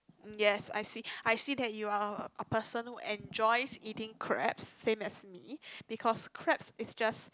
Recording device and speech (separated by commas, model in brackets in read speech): close-talking microphone, conversation in the same room